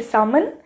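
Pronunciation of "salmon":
'Salmon' is pronounced incorrectly here: the L is sounded, though it should be silent.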